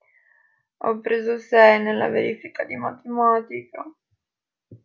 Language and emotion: Italian, sad